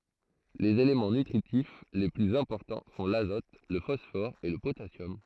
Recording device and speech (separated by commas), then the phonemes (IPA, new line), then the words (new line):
throat microphone, read sentence
lez elemɑ̃ nytʁitif le plyz ɛ̃pɔʁtɑ̃ sɔ̃ lazɔt lə fɔsfɔʁ e lə potasjɔm
Les éléments nutritifs les plus importants sont l'azote, le phosphore et le potassium.